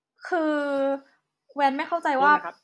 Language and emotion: Thai, frustrated